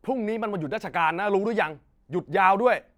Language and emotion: Thai, angry